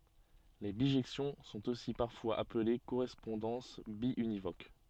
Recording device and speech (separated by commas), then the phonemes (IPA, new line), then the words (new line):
soft in-ear microphone, read sentence
le biʒɛksjɔ̃ sɔ̃t osi paʁfwaz aple koʁɛspɔ̃dɑ̃s bjynivok
Les bijections sont aussi parfois appelées correspondances biunivoques.